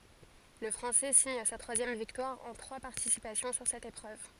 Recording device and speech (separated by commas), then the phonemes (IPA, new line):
forehead accelerometer, read sentence
lə fʁɑ̃sɛ siɲ sa tʁwazjɛm viktwaʁ ɑ̃ tʁwa paʁtisipasjɔ̃ syʁ sɛt epʁøv